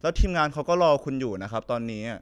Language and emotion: Thai, frustrated